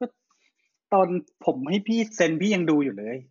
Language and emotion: Thai, neutral